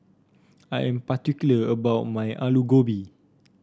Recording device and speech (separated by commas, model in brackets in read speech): standing microphone (AKG C214), read sentence